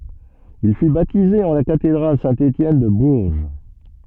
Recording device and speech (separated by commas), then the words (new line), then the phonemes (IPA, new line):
soft in-ear microphone, read sentence
Il fut baptisé en la cathédrale Saint-Étienne de Bourges.
il fy batize ɑ̃ la katedʁal sɛ̃ etjɛn də buʁʒ